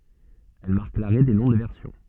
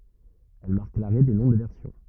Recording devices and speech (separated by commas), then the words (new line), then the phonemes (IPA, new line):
soft in-ear microphone, rigid in-ear microphone, read sentence
Elle marque l’arrêt des noms de versions.
ɛl maʁk laʁɛ de nɔ̃ də vɛʁsjɔ̃